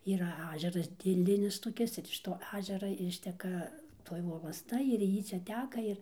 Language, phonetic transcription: Lithuanian, ˈyra ˈažeras dėˈlinis toˈkis ir iš to ˈažera ˈišteka ˈtoj volasˈta ir ˈjy ˈčia ˈteka ˈir

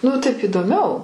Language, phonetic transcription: Lithuanian, nu ˈtaip įdoˈmiau

